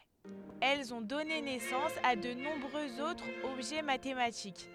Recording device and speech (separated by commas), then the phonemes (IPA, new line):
headset microphone, read sentence
ɛlz ɔ̃ dɔne nɛsɑ̃s a də nɔ̃bʁøz otʁz ɔbʒɛ matematik